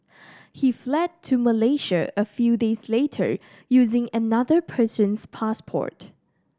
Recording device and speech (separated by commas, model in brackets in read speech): standing microphone (AKG C214), read sentence